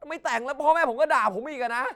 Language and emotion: Thai, angry